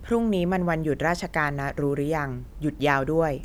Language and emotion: Thai, neutral